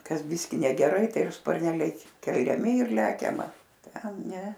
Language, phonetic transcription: Lithuanian, ˈkas ˈbiski negeˈrai ˈtai ˈjau sparˈneliai keliaˈmi ir ˈlekiama ˈten ˈne

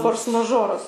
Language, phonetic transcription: Lithuanian, ˈfors maˈžoras

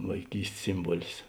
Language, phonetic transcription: Lithuanian, vaiˈkyst's ˈsimbuolis

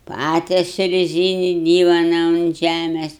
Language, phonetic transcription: Lithuanian, ˈpatesiu reˈzyni ˈdyvona unt ˈžæmės

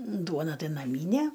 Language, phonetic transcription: Lithuanian, ˈduona ˈtai naˈmyne

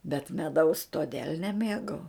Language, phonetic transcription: Lithuanian, bet meˈdaus toˈdėl' neˈmėgau

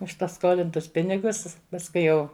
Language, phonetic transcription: Lithuanian, už paˈskolintus ˈpinigus pasˈkui jau

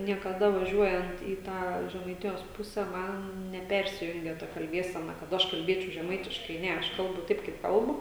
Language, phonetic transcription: Lithuanian, niekaˈda vaˈžiuojant į ˈtą žemaiˈtijos ˈpuse ˈman neˈpersijungia ta kalˈbiesena kad ˈaš kalˈbėčiau žeˈmaitiškai ˈne ˈaš ˈkalbu ˈtaip kaip ˈkalbu

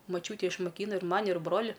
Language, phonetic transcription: Lithuanian, moˈčiūtė išmoˈkyna ir ˈmani ir ˈbroli

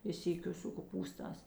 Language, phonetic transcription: Lithuanian, i ˈsykiu su koˈpūstās

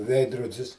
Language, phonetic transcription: Lithuanian, ˈveidrodis

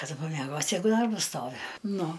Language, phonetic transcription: Lithuanian, kaˈdu pameˈgosi ˈjeigu ˈdarbas ˈstovi ˈnu

